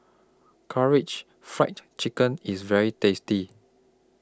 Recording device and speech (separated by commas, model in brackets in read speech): close-talking microphone (WH20), read sentence